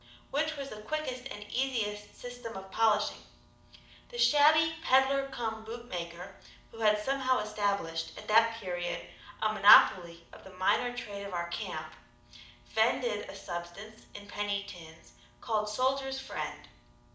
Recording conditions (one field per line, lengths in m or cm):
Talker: one person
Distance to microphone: 2.0 m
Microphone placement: close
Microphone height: 99 cm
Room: medium-sized (5.7 m by 4.0 m)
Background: none